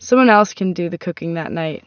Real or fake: real